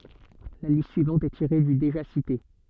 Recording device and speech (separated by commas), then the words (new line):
soft in-ear microphone, read sentence
La liste suivante est tirée du déjà cité.